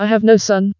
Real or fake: fake